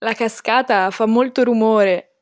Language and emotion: Italian, happy